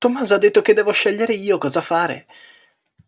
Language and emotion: Italian, surprised